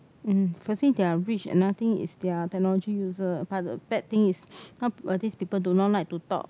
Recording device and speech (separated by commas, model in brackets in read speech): close-talking microphone, conversation in the same room